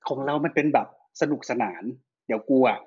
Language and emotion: Thai, neutral